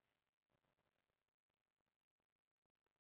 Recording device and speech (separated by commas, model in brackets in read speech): standing microphone, conversation in separate rooms